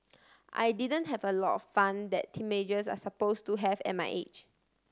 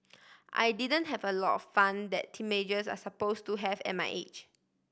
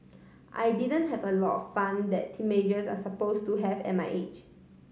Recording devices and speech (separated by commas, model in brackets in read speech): standing microphone (AKG C214), boundary microphone (BM630), mobile phone (Samsung C5010), read sentence